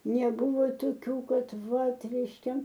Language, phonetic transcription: Lithuanian, neˈbuvo toˈkių ˈkad ˈvat reišˈkia

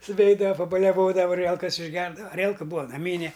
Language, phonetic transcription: Lithuanian, suˈveidava pabaliaˈvodava aˈrielkas išˈgerdava aˈrielka ˈbūa naˈmyne

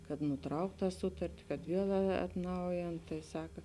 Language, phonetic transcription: Lithuanian, kad nuˈtraukt ˈtą ˈsutarti kad ˈviel atˈnaujėn tai ˈsaka

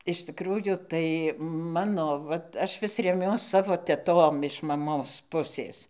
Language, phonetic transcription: Lithuanian, iš tikˈrųjų tai ˈmano ˈvat ˈaš ˈvis reˈmiuos ˈsavo teˈtom iš maˈmos ˈpusės

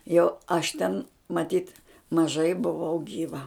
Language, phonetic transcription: Lithuanian, jau ˈaš ten maˈtyt maˈžai buˈvau gyˈva

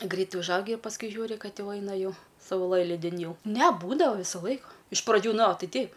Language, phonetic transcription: Lithuanian, ˈgreit užˈaugi ir pasˈkui ˈžiūri ˈkad ˈjau ˈaina ˈjau sauˈlɘlydin ˈjau ne ˈbūdava ˈvyso ˈlaiko iš praˈdžių ˈnoˈtei ˈteip

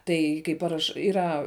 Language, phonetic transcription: Lithuanian, ˈtai kai ˈparaš iˈra

